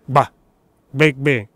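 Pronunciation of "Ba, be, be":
Each syllable begins with a combined g and b sound, said as one single sound.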